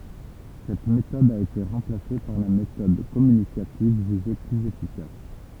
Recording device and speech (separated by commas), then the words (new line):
temple vibration pickup, read sentence
Cette méthode a été remplacée par la méthode communicative jugée plus efficace.